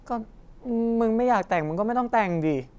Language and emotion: Thai, frustrated